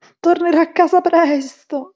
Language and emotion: Italian, neutral